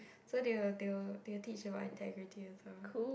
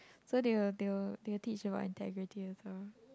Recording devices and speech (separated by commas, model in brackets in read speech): boundary microphone, close-talking microphone, conversation in the same room